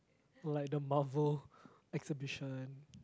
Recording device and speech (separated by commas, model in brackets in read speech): close-talking microphone, conversation in the same room